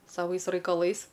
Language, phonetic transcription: Lithuanian, saˈvais raikaˈlais

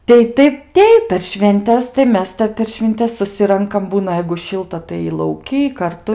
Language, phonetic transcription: Lithuanian, ˈtai ˈtaip ˈteip per švenˈtes tai ˈmes ˈtep per švinˈtes suˈsirankam ˈbūna jeigu ˈšilta tai lauˈky karˈtu

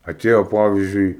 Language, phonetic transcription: Lithuanian, aˈtėjo ˈpavizdžiui

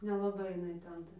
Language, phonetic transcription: Lithuanian, nelaˈbai jiˈnai ˈten ˈta

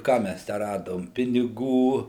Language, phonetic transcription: Lithuanian, ˈką ˈmæs ˈtę ˈradom piniˈgų

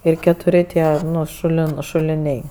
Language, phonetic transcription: Lithuanian, ir ketuˈri ˈtie ˈnu ˈšulin šuliˈniai

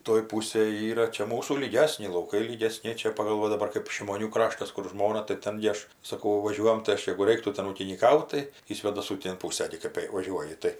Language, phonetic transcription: Lithuanian, toj ˈpūsėj ˈyra ˈčia ˈmūsų lyˈgesni lauˈkai lygeˈsni ˈčia pagal ˈva daˈbar kɜp šimoˈnių ˈkraštas ˈkur ˈžmona tai ˈten gi ˈaš saˈkau ˈvaˈžiuojam tai ˈaš jegu ˈreiktų ˈten ūkinyˈkaut tai į svėdaˈsų ˈtėn ˈpūsa gi ˈkɜp jei vaˈžiuoji ˈtai

